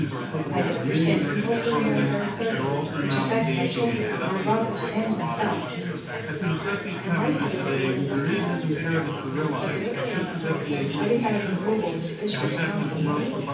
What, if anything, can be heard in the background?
Crowd babble.